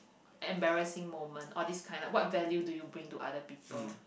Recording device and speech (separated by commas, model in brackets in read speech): boundary microphone, conversation in the same room